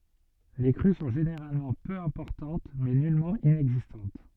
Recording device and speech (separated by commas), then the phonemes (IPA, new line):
soft in-ear microphone, read sentence
le kʁy sɔ̃ ʒeneʁalmɑ̃ pø ɛ̃pɔʁtɑ̃t mɛ nylmɑ̃ inɛɡzistɑ̃t